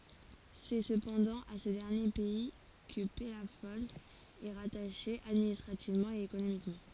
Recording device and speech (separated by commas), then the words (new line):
forehead accelerometer, read sentence
C'est cependant à ce dernier pays que Pellafol est rattaché administrativement et économiquement.